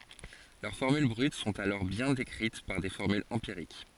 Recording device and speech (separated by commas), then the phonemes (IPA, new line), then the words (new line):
forehead accelerometer, read sentence
lœʁ fɔʁmyl bʁyt sɔ̃t alɔʁ bjɛ̃ dekʁit paʁ de fɔʁmylz ɑ̃piʁik
Leurs formules brutes sont alors bien décrites par des formules empiriques.